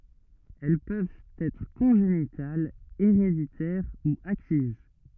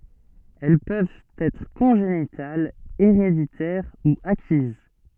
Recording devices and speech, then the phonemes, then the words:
rigid in-ear microphone, soft in-ear microphone, read sentence
ɛl pøvt ɛtʁ kɔ̃ʒenitalz eʁeditɛʁ u akiz
Elles peuvent être congénitales, héréditaires ou acquises.

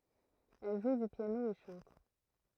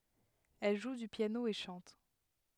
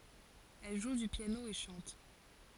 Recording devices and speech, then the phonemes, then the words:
throat microphone, headset microphone, forehead accelerometer, read sentence
ɛl ʒu dy pjano e ʃɑ̃t
Elle joue du piano et chante.

